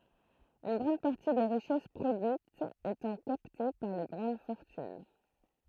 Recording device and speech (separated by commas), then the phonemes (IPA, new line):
throat microphone, read sentence
yn ɡʁɑ̃d paʁti de ʁiʃɛs pʁodyitz etɑ̃ kapte paʁ le ɡʁɑ̃d fɔʁtyn